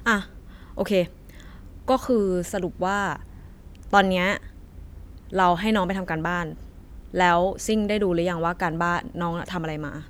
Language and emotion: Thai, frustrated